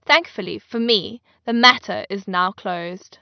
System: none